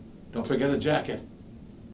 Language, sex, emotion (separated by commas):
English, male, neutral